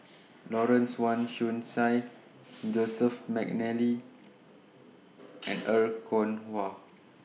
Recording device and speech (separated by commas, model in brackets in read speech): mobile phone (iPhone 6), read sentence